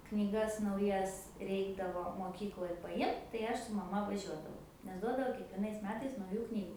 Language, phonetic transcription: Lithuanian, knyˈgas nauˈjas ˈreikdavo moˈkykloj paˈjimt tai ˈaš su maˈma vaˈžiuodavau nes ˈduodavo kiekvieˈnais ˈmetais nauˈjų ˈknygu

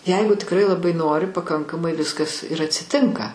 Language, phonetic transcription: Lithuanian, ˈjeigu tikˈrai laˈbai ˈnori paˈkankamai ˈviskas ir atsiˈtinka

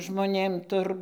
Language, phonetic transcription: Lithuanian, žmoˈnėm ˈtur

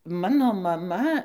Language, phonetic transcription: Lithuanian, ˈmano maˈma

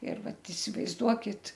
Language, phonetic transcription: Lithuanian, ir ˈvat isivaizˈduokit

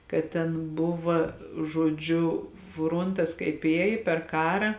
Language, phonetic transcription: Lithuanian, kad ˈten ˈbuva žoˈdžiu ˈfrontas kaip ˈėj per ˈkara

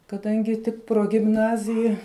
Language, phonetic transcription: Lithuanian, kaˈdangi ˈtik progimˈnazija

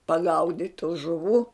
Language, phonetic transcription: Lithuanian, paˈgaudit' tų žuˈvų

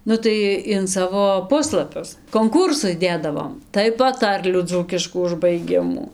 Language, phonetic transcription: Lithuanian, ˈnu tai in ˈsavo ˈpuslapius konˈkūrsus ˈdėdavom tai paˈtarlių ˈdzūkiškų užbaiˈgimų

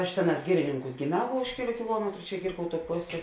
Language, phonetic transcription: Lithuanian, aš ˈtėˌnās ˈgirininˌkūs gėˈmiau vo ˈuž keˌlių kiˈluometru čia ˈgirkauˌtų ˈposė

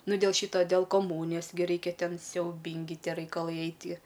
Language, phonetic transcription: Lithuanian, ˈnu dėl ˈšyto dėl koˈmūnijos gi ˈraikia ˈten siauˈbingi ˈtie raikalai ˈaitie

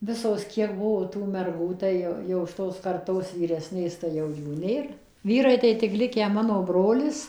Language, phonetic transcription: Lithuanian, ˈvisos ˈkiek ˈbuvo tų merˈgų ˈtai jau šiˈtos karˈtos vyˈresnės tai ˈjau ˈjų ˈnėr ˈvyrai tai tik ˈlikę ˈmano ˈbrolis

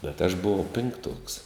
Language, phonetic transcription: Lithuanian, bet aš buˈvau pinkˈtuoks

